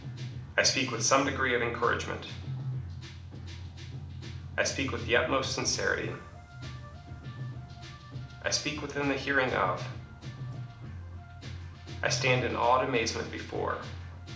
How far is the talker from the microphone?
2.0 m.